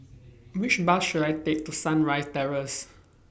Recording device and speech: boundary microphone (BM630), read sentence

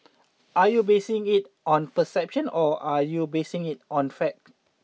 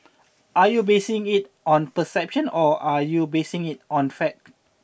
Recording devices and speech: mobile phone (iPhone 6), boundary microphone (BM630), read sentence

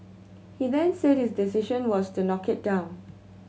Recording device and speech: mobile phone (Samsung C7100), read sentence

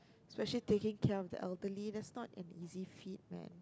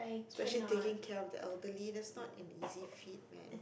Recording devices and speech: close-talking microphone, boundary microphone, conversation in the same room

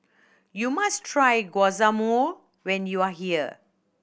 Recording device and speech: boundary microphone (BM630), read sentence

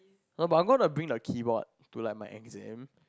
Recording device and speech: close-talking microphone, conversation in the same room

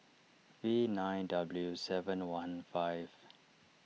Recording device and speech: mobile phone (iPhone 6), read sentence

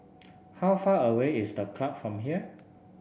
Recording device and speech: boundary microphone (BM630), read sentence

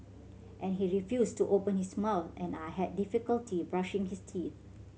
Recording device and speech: mobile phone (Samsung C7100), read sentence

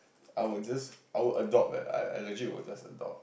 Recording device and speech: boundary microphone, conversation in the same room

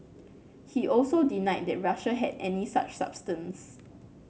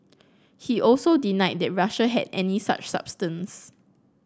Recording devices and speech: mobile phone (Samsung C9), close-talking microphone (WH30), read sentence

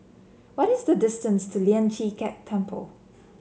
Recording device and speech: mobile phone (Samsung C7), read sentence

